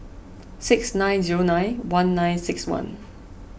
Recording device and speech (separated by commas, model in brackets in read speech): boundary microphone (BM630), read sentence